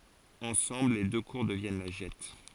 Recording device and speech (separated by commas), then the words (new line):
forehead accelerometer, read sentence
Ensemble les deux cours deviennent la Gette.